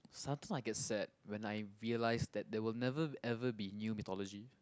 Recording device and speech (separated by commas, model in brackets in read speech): close-talking microphone, conversation in the same room